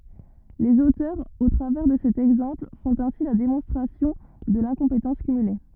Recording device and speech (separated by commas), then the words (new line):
rigid in-ear microphone, read sentence
Les auteurs, au travers de cet exemple, font ainsi la démonstration de l'incompétence cumulée.